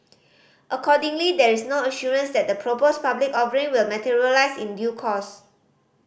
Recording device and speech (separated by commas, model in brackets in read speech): boundary microphone (BM630), read sentence